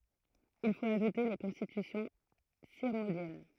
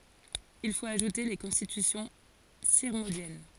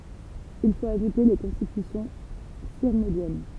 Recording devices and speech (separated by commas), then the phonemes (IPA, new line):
throat microphone, forehead accelerometer, temple vibration pickup, read sentence
il fot aʒute le kɔ̃stitysjɔ̃ siʁmɔ̃djɛn